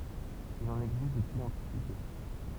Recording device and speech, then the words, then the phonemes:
temple vibration pickup, read sentence
Il en existe depuis l'Antiquité.
il ɑ̃n ɛɡzist dəpyi lɑ̃tikite

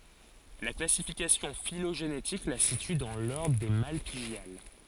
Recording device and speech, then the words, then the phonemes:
forehead accelerometer, read sentence
La classification phylogénétique la situe dans l'ordre des Malpighiales.
la klasifikasjɔ̃ filoʒenetik la sity dɑ̃ lɔʁdʁ de malpiɡjal

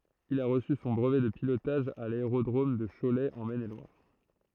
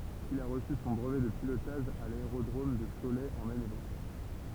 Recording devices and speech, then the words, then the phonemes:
throat microphone, temple vibration pickup, read sentence
Il a reçu son brevet de pilotage à l'aérodrome de Cholet en Maine-et-Loire.
il a ʁəsy sɔ̃ bʁəvɛ də pilotaʒ a laeʁodʁom də ʃolɛ ɑ̃ mɛn e lwaʁ

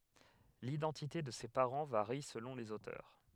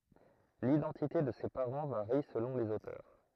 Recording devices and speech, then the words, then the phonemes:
headset microphone, throat microphone, read sentence
L’identité de ses parents varie selon les auteurs.
lidɑ̃tite də se paʁɑ̃ vaʁi səlɔ̃ lez otœʁ

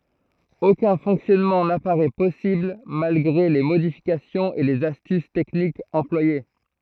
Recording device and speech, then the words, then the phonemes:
throat microphone, read sentence
Aucun fonctionnement n'apparaît possible malgré les modifications et les astuces techniques employées.
okœ̃ fɔ̃ksjɔnmɑ̃ napaʁɛ pɔsibl malɡʁe le modifikasjɔ̃z e lez astys tɛknikz ɑ̃plwaje

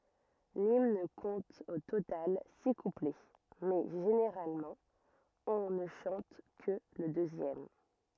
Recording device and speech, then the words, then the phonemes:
rigid in-ear microphone, read sentence
L'hymne compte au total six couplets, mais généralement, on ne chante que le deuxième.
limn kɔ̃t o total si kuplɛ mɛ ʒeneʁalmɑ̃ ɔ̃ nə ʃɑ̃t kə lə døzjɛm

